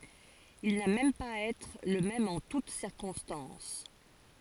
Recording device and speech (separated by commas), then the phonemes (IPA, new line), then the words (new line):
forehead accelerometer, read sentence
il na mɛm paz a ɛtʁ lə mɛm ɑ̃ tut siʁkɔ̃stɑ̃s
Il n'a même pas à être le même en toute circonstances.